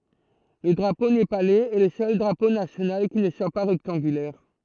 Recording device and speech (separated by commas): throat microphone, read sentence